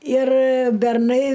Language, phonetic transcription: Lithuanian, ir berˈnai

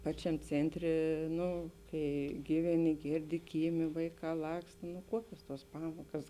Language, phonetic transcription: Lithuanian, ˈpačiam ˈcėnˌtrė ˈnu ˈkai ˈgyveˌni ˈgėrˌdi ˈkyˌmė ˈvaiˌkā ˈlakst nu ˈkuokios tuos ˈpamokas

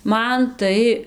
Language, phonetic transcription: Lithuanian, ˈman ˈtai

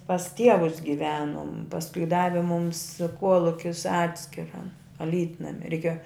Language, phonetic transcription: Lithuanian, pas ˈtievus giˈvenum pasˈkui ˈdavi mums ˈkuolukis ˈatskira aˈlytnami reiˈkėjo

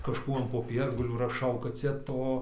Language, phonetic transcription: Lithuanian, kažˈkų an poˈpiergalių raˈšau kad ˈcia ˈto

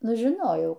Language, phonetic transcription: Lithuanian, ˈnu žiˈnojau

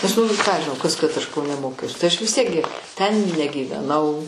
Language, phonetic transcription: Lithuanian, nes ˈnu ką aš žiˈnau ˈkas kad ˈaš kauˈne ˈmokiaus tai ˈaš vis ˈtiek gi ten negyveˈnau

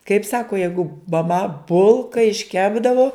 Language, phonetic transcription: Lithuanian, kaip ˈsaku jeigu maˈma ˈbulka išˈkepdavu

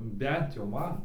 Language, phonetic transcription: Lithuanian, ˈbent jau ˈman

